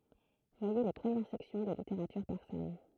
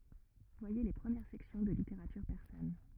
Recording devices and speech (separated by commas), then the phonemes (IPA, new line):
throat microphone, rigid in-ear microphone, read sentence
vwaje le pʁəmjɛʁ sɛksjɔ̃ də liteʁatyʁ pɛʁsan